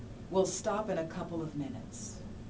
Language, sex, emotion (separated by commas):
English, female, neutral